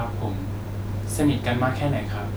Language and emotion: Thai, neutral